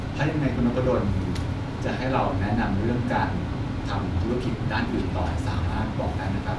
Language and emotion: Thai, neutral